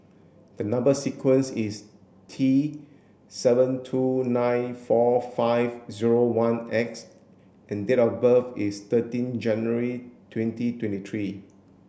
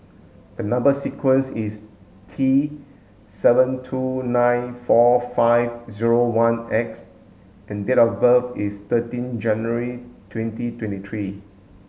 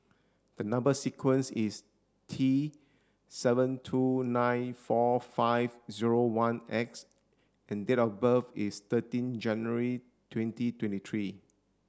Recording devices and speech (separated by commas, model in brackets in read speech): boundary microphone (BM630), mobile phone (Samsung S8), standing microphone (AKG C214), read sentence